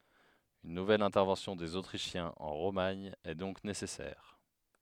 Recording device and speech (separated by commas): headset microphone, read sentence